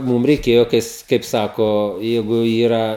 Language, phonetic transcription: Lithuanian, ˈmūm reiˈkėjo ˈkais ˈkaip ˈsako ˈjeigu ˈyra

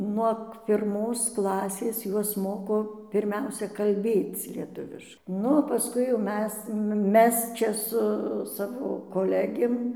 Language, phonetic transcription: Lithuanian, nuog pirˈmos ˈklasės ˈjuos ˈmoko pirˈmiausia kalˈbėc lieˈtuviš ˈnu o paˈskui jau ˈmes ˈmes ˈčia su ˈsavo koˈlegėm

